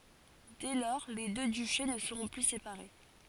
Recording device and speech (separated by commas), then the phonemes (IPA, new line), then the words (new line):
forehead accelerometer, read sentence
dɛ lɔʁ le dø dyʃe nə səʁɔ̃ ply sepaʁe
Dès lors, les deux duchés ne seront plus séparés.